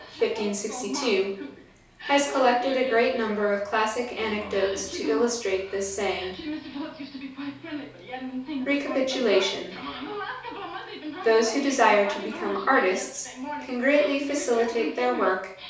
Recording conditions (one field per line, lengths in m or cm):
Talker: one person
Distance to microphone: 3.0 m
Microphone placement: far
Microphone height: 1.8 m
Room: small (3.7 m by 2.7 m)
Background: television